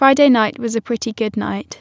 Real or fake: real